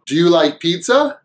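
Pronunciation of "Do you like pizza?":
In "Do you like pizza?", "do you" is reduced: the oo sound of "do" is cut off, and only the d sound is left, joined onto "you".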